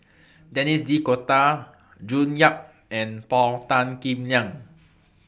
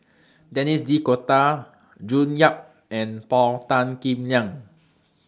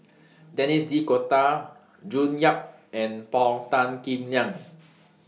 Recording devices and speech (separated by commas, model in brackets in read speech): boundary microphone (BM630), standing microphone (AKG C214), mobile phone (iPhone 6), read sentence